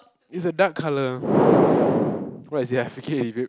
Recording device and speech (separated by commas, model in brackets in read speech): close-talking microphone, conversation in the same room